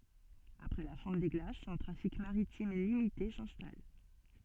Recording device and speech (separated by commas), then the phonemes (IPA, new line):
soft in-ear microphone, read sentence
apʁɛ la fɔ̃t de ɡlasz œ̃ tʁafik maʁitim limite sɛ̃stal